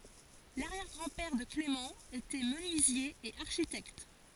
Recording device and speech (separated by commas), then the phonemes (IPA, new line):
forehead accelerometer, read sentence
laʁjɛʁ ɡʁɑ̃ pɛʁ də klemɑ̃ etɛ mənyizje e aʁʃitɛkt